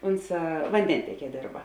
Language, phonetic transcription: Lithuanian, ˈonˌsā vanˈdenteˌkie ˈdėrba

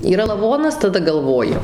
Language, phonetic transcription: Lithuanian, yˈra laˈvonas taˈda galˈvoju

